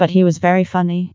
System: TTS, vocoder